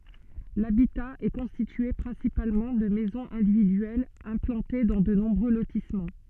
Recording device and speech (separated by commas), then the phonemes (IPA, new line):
soft in-ear microphone, read sentence
labita ɛ kɔ̃stitye pʁɛ̃sipalmɑ̃ də mɛzɔ̃z ɛ̃dividyɛlz ɛ̃plɑ̃te dɑ̃ də nɔ̃bʁø lotismɑ̃